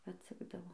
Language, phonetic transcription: Lithuanian, atˈsekdavo

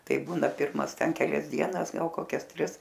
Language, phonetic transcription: Lithuanian, ˈtai ˈbūna ˈpirmas ˈten keˈlias ˈdienas ˈgal koˈkias ˈtris

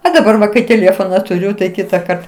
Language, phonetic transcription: Lithuanian, o daˈbar va kai tėˈlėfona tuˈriu tai ˈkitakart

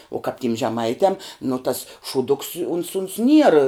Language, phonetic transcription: Lithuanian, o kap tim žeˈmaitiam nu tas šūˈduks uns uns nier

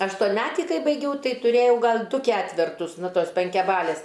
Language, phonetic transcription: Lithuanian, aštonˈmetį ˈkai baiˈgiau ˈtai tuˈrėjau ˈgal' ˈdu ˈketvertus ˈnu ˈtos penkiaˈbalės

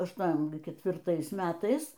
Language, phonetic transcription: Lithuanian, ašˈtuom ketvirˈtais ˈmetais

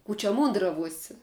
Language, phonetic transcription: Lithuanian, ˈkų čia ˈmūndravuosi

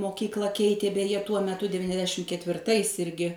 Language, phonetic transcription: Lithuanian, moˈkykla ˈkeitė beˈje tuo meˈtu deviniasˈdešim ketvirˈtais ˈirgi

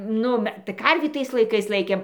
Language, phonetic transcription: Lithuanian, ˈnu me tai karvį ˈtais laiˈkais ˈlaikėm

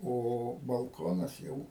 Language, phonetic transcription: Lithuanian, o balˈkonas ˈjau

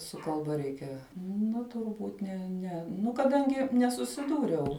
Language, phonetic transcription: Lithuanian, su kalˈba ˈreikia ˈna turˈbūt ˈne ˈne ˈnu kaˈdangi nesusiˈdūriau

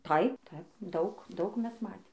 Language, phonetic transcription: Lithuanian, ˈtaip ˈtaip ˈdaug ˈdaug ˈmes ˈmatėm

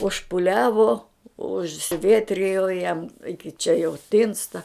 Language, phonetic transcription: Lithuanian, užpuˈliavo užsiˈvietrijo jam iki čia jau ˈtinsta

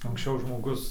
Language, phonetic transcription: Lithuanian, anksˈčiau žmoˈgus

